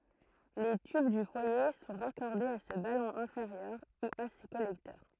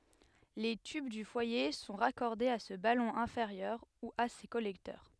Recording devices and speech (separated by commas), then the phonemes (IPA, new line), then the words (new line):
throat microphone, headset microphone, read sentence
le tyb dy fwaje sɔ̃ ʁakɔʁdez a sə balɔ̃ ɛ̃feʁjœʁ u a se kɔlɛktœʁ
Les tubes du foyer sont raccordés à ce ballon inférieur ou à ces collecteurs.